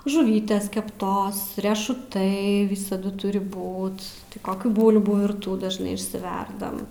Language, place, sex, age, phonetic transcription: Lithuanian, Aukštaitija, female, 18-60, žuˈvytės kepˈtos riešuˈtai ˈvisadu ˈturi ˈbūt koˈkių ˈbūlbų virˈtų dažˈnai išsiˈverdam

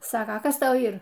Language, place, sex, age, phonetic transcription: Lithuanian, Aukštaitija, female, 60+, ˈsaka ˈkas ˈtau ˈyr

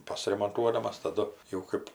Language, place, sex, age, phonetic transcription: Lithuanian, Aukštaitija, female, 60+, ˌpasiremonˈtuodamas taˈdu jau ˈkɜp

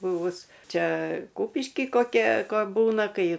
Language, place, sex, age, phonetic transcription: Lithuanian, Aukštaitija, female, 60+, ˈbuvus ˈčia ˈkupiški koˈkia ˈko ˈbūna ˈkai

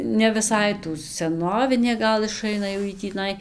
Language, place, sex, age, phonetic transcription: Lithuanian, Dzūkija, female, 18-60, ne viˈsai tų seˈnovinė ˈgal iˈšaina jau ˈjy tįˈnai

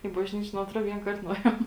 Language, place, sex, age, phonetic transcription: Lithuanian, Žemaitija, female, 18-60, į bažˈnyčė nu atˈro vienˈkart nuˈėjom

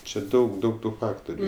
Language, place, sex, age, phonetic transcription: Lithuanian, Aukštaitija, male, 18-60, čia ˈdaug ˈdaug ˈtų ˈfaktoriu

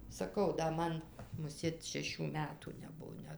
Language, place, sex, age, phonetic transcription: Lithuanian, Dzūkija, female, 60+, saˈkau da ˈman muˈsėt šeˈšių ˈmetų neˈbuo ˈnet

